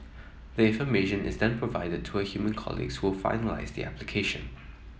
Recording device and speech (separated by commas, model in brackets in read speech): mobile phone (iPhone 7), read sentence